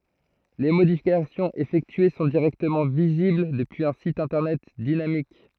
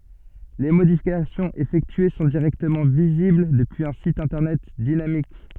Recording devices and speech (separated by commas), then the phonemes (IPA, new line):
throat microphone, soft in-ear microphone, read sentence
le modifikasjɔ̃z efɛktye sɔ̃ diʁɛktəmɑ̃ vizibl dəpyiz œ̃ sit ɛ̃tɛʁnɛt dinamik